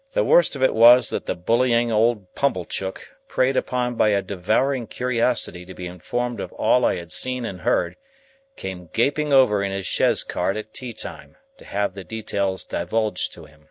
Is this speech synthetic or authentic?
authentic